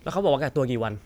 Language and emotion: Thai, frustrated